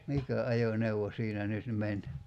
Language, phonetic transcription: Finnish, "mikä 'ajo'neuwo 'siinä 'nyt 'men ?
- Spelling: mikä ajoneuvo siinä nyt meni

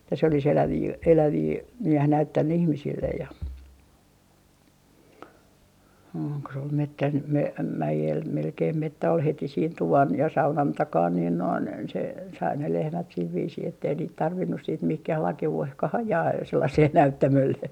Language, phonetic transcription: Finnish, että se oli's ‿elävii , 'elävii , näh - "näyttänny 'ihmisillej ja , ooŋ ko se ol "mettän , m - 'mäjel 'melkeim 'mettä ol 'heti siin "tuvan ja 'saunan 'takaan niin noin se , sai ne 'lehmät sil 'viisii ettei niit 'tarvinnus siit 'mihkäh 'lake₍u₍ehka"h ‿ajaa , 'sellasee "näyttämölle .
- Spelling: että se olisi eläviä eläviä - näyttänyt ihmisille ja on kun se oli metsän - mäellä melkein metsä oli heti siinä tuvan ja saunan takana niin noin se sai ne lehmät sillä viisiin että ei niitä tarvinnut sitten mihinkään lakeuteenkaan ajaa sellaiselle näyttämölle

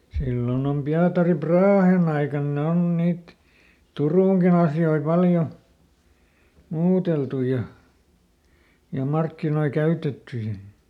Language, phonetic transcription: Finnish, ˈsillon ‿om ˈPiatari "Praahen ‿aikan ˈne on ˈniit , "Turùŋkin ‿asjoi ˈpaljo , ˈmuuteltu ja , ja ˈmarkkinoi ˈkäytetty ja ,.
- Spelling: silloin on Pietari Brahen aikana ne on niitä Turunkin asioita paljon muuteltu ja ja markkinoita käytetty ja

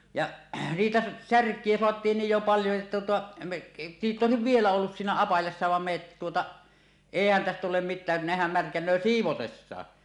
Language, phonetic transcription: Finnish, ja , siitä , "särk̀ie 'soat̀iin niij jo paljo että tuota , me , niit ‿òesiv "vielä 'ollus 'siinä "apajassa vam me että tuota , "èihän tästä tulem mit̆tää , nehäm 'märkän̆nö "siivotessaa .
- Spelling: ja siitä särkiä saatiin niin jo paljon että tuota me niitä olisi vielä ollut siinä apajassa vaan me että tuota eihän tästä tule mitään nehän märkänee siivotessakin

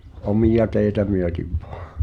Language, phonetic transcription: Finnish, omija 'teeⁱtä 'myötiv ᴠᴏᴀ .
- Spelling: omia teitä myöten vain

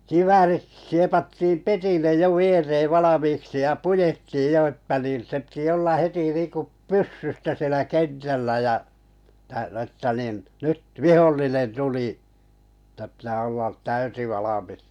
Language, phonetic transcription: Finnish, 'kiväärit 'siepattiiᵐ "petillej jo 'viereev 'valamiiksi ja 'pujettiij 'jo ‿että nìn̬ 'se pⁱtⁱ olla 'heti 'nìŋkup "pyssystä sielä 'kentällä jä , - - että nin , 'nyt "vihollinen 'tulì , että pⁱtää ollat 'täysivalmis .
- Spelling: kiväärit siepattiin pedille jo viereen valmiiksi ja puettiin jo että niin se piti olla heti niin kuin pyssystä siellä kentällä ja - että niin nyt vihollinen tuli että pitää olla täysivalmis

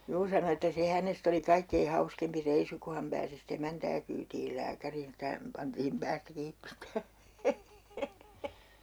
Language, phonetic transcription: Finnish, 'juu sano että 'se hänest ‿oli 'kaikkei 'hauskempi 'reisu ku ham 'pääsi si"t ‿emäntää kyytiil 'lääkäriin ‿ᵉttä häm pantiim 'päästä 'kiip pitää .
- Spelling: juu sanoi että se hänestä oli kaikkein hauskempi reissu kun hän pääsi sitten emäntää kyytimään lääkäriin että hän pantiin päästä kiinni pitämään

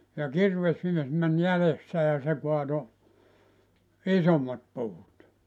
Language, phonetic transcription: Finnish, ja 'kirvesmies män 'jälessä ja se kuato , "isommat 'puut .
- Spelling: ja kirvesmies meni jäljessä ja se kaatoi isommat puut

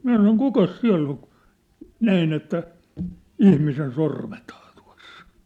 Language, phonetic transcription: Finnish, 'minä sanon » "kukas "siä̭ll ‿oŋ « kᴜ , 'näin ‿että , "ihmisen 'sormethaa tᴜa̭ss ‿ᴏɴ .
- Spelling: minä sanoin kukas siellä on - näin että ihmisen sormethan tuossa on

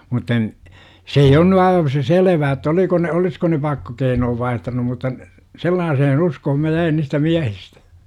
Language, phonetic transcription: Finnish, mutta n- , "se ei on ny aiva se "selvää että 'oliko ne "olisko ne 'pakkokeinoov 'vaihtanum mutta ‿n- , "sellaasehen "uskohom mä 'jäin niistä 'miähistÄ .
- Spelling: mutta - se ei on nyt aivan se selvää että oliko ne olisiko ne pakkokeinot vaihtanut mutta en sellaiseen uskoon minä jäin niistä miehistä

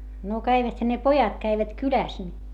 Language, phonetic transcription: Finnish, no käiväthä ne pojat käivät kyläs ni .
- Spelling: no käviväthän ne pojat kävivät kylässä niin

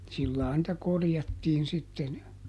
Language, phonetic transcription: Finnish, ˈsillaa nⁱtä ˈkorjattiin sitten .
- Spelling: sillä lailla niitä korjattiin sitten

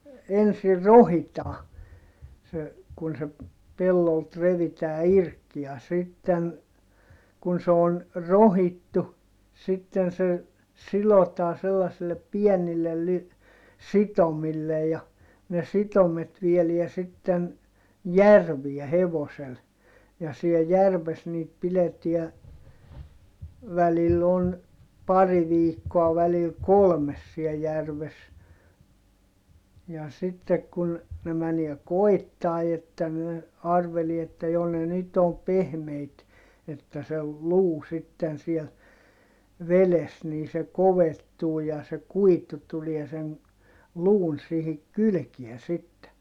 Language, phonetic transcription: Finnish, ensir rohitaa , se , kun se , pellolt revitää irk ja sitten , kun se on , rohittu , sitten se , silotaan sellasillep piɛnillel ly- , sitomillej ja , ne sitomet vieliä sitten , järviɛ hevosel , ja siel järves niit pileti̮ä , välill ‿on , pari viikkoa välil kolmes siɛ järves , ja sittek kun , ne mäniɛ koi̮ttài että ne , arvelie että jo ne nyt om pehmeit , että se , luu sitten siel , veles nii se kovettuu ja se kuitu tulie sen , luun sihik kylkiɛ sitte .
- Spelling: ensin rohkitaan se kun se pellolta revitään irti ja sitten kun se on rohkittu sitten se sidotaan sellaisille pienille - sitomille ja ne sitomet viedään sitten järveen hevoselle ja siellä järvessä niitä pidetään välillä on pari viikkoa välillä kolme siellä järvessä ja sitten kun ne menee koettaa että ne arvelee että jo ne nyt on pehmeitä että se luu sitten siellä vedessä niin se kovettuu ja se kuitu tulee sen luun siihen kylkeen sitten

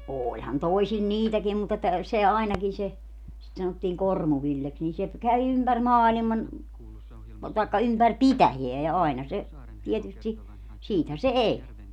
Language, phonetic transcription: Finnish, 'ooĺhan 'toisil "niitäkiim mut ‿että , 'se "ainakin se , sit 'sanottiiŋ "Kormu-Villeks nin se , kävi 'ympär "maaliman , taikka 'ympär "pitäjeä ja aina se , tietysti , 'siithä se "eĺ .
- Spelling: olihan toisilla niitäkin mutta että se ainakin se sitä sanottiin Kormu-Villeksi niin se kävi ympäri maailman tai ympäri pitäjää ja aina se tietysti siitähän se eli

